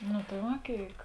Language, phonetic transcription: Lithuanian, nu tai ˈva ˈkėik

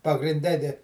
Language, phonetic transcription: Lithuanian, pagrinˈde di

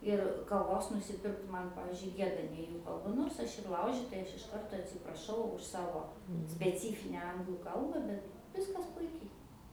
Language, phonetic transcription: Lithuanian, ir kaˈvos nusiˈpirkt ˈman ˈpavyzdžiui ˈgieda ne ˈjų kalˈba ˈnors aš ir ˈlaužitai ˈaš iš ˈkarto atsipraˈšau už ˈsavo speˈcyfine ˈanglų ˈkalba ˈbet ˈviskas ˈpuikiai

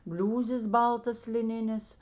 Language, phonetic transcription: Lithuanian, ˈbliūzės ˈbaltas liˈninės

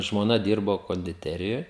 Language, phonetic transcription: Lithuanian, žmoˈna ˈdyrbo kondiˈterijoj

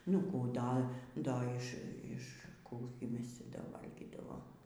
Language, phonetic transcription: Lithuanian, nu ˈkų ˈda ˈda iš iš ˈkų gi ˈmes ˈcia ˈda ˈvalgydavom

